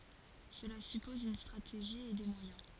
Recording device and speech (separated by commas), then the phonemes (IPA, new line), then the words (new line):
forehead accelerometer, read sentence
səla sypɔz yn stʁateʒi e de mwajɛ̃
Cela suppose une stratégie et des moyens.